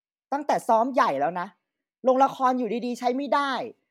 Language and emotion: Thai, angry